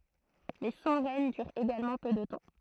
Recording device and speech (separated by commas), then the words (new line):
throat microphone, read sentence
Mais son règne dure également peu de temps.